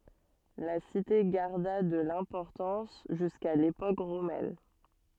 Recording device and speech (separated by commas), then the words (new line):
soft in-ear microphone, read sentence
La cité garda de l'importance jusqu'à l'époque romaine.